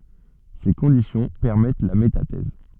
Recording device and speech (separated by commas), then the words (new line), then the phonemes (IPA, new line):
soft in-ear microphone, read sentence
Ces conditions permettent la métathèse.
se kɔ̃disjɔ̃ pɛʁmɛt la metatɛz